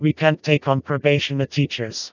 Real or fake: fake